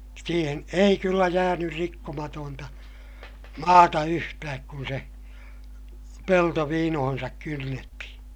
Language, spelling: Finnish, siihen ei kyllä jäänyt rikkomatonta maata yhtään kun se pelto viinoonsa kynnettiin
- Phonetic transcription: siihen ei kyllä jäänyr rikkomatoonta , maata yhtääk kun se , pelto viinohonsak kynnettihiḭ .

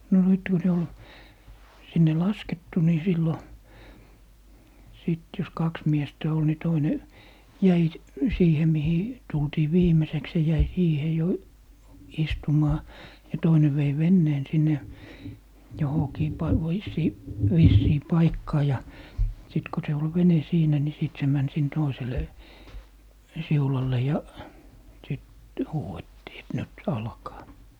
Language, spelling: Finnish, no nyt kun ne oli sinne laskettu niin silloin sitten jos kaksi miestä oli niin toinen jäi siihen mihin tultiin viimeiseksi se jäi siihen jo istumaan ja toinen vei veneen sinne johonkin - - vissiin paikkaan ja sitten kun se oli vene siinä niin sitten se meni sinne toiselle siulalle ja sitten huudettiin että nyt alkaa
- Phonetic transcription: no 'nyt ku ne ol , 'sinne "laskettu ni 'sillo , sìt jos "kaks 'miestä 'ol ni 'toine , "jäi , 'siihe mihi , 'tultii "viimeseks se jäi 'siihe jo , 'istumaa , ja 'toine vei "venneen 'sinne , 'johokii pai- , voissii - "vissii 'paikkaa ja , 'sit ko se ol "vene 'siinä ni sìt se 'män sin 'toisele , "siulalle ja , sit , 'huu₍ettii et » "nyt "alkaa » .

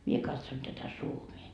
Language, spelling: Finnish, minä katson tätä Suomea
- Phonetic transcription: mie katson tätä 'Suomie .

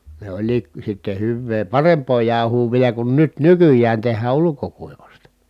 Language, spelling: Finnish, ne olikin sitten hyvää parempaa jauhoa vielä kun nyt nykyään tehdään ulkokuivasta
- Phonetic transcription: ne oĺlii(k) , sitte hyvvee paremp̀oo jàuhuu vielä kun nyt nykyj̀ään̬ teh̆hää ulukokuivasta .

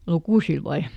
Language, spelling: Finnish, lukusilla vai
- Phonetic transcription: "lukùsil ˈvae ?

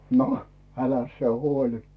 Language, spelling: Finnish, no äläs sinä huoli
- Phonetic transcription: no , 'äläs sⁱe 'huoĺi .

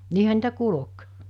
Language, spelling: Finnish, niinhän niitä kulki
- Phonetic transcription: 'niihä niitä "kulᵒk .

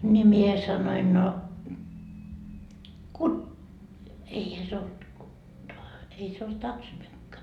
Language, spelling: Finnish, niin minä sanoin no - eihän se ollut ei se ollut tack så mycket
- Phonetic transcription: ńi 'mie 'sanoin no , ku- , eihä se olt , ei se olt 'taksmykkä .

